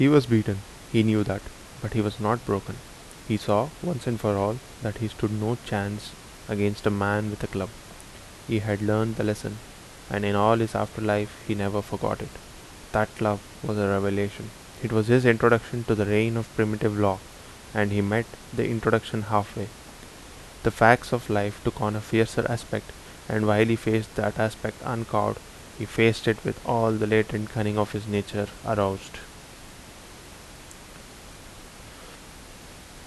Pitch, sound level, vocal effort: 110 Hz, 78 dB SPL, normal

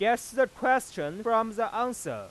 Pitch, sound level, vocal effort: 235 Hz, 100 dB SPL, very loud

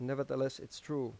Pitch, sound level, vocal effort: 135 Hz, 86 dB SPL, normal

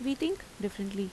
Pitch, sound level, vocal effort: 205 Hz, 81 dB SPL, normal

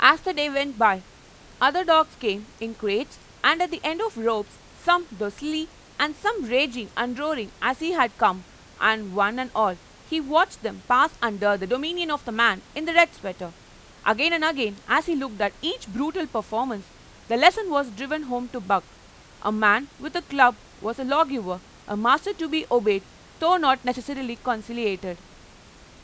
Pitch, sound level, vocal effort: 250 Hz, 94 dB SPL, very loud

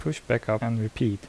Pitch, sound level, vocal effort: 110 Hz, 75 dB SPL, soft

